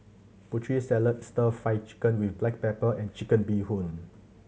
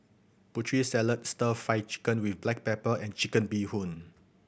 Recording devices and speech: mobile phone (Samsung C7100), boundary microphone (BM630), read sentence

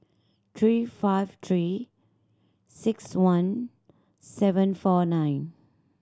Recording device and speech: standing microphone (AKG C214), read sentence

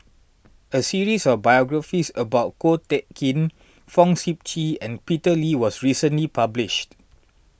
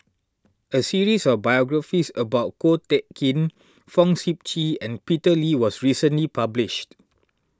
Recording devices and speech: boundary microphone (BM630), standing microphone (AKG C214), read sentence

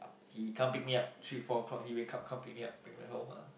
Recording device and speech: boundary microphone, conversation in the same room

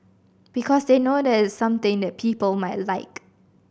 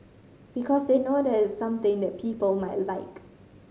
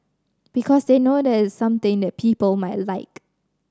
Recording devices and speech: boundary microphone (BM630), mobile phone (Samsung C5010), standing microphone (AKG C214), read sentence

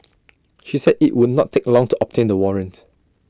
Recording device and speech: standing microphone (AKG C214), read sentence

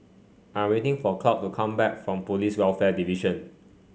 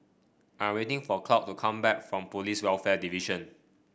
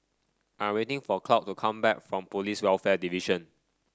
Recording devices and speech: mobile phone (Samsung C5), boundary microphone (BM630), standing microphone (AKG C214), read sentence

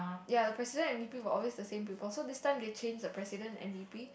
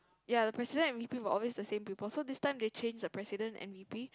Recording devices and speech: boundary microphone, close-talking microphone, conversation in the same room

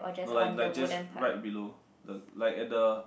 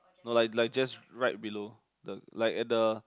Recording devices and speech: boundary microphone, close-talking microphone, conversation in the same room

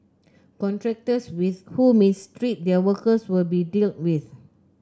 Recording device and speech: close-talking microphone (WH30), read sentence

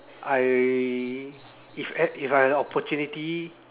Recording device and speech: telephone, conversation in separate rooms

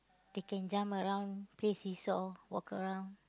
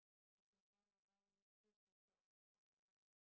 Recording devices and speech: close-talking microphone, boundary microphone, conversation in the same room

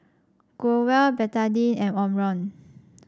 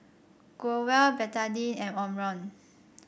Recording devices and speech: standing microphone (AKG C214), boundary microphone (BM630), read sentence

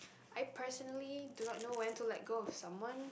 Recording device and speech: boundary microphone, conversation in the same room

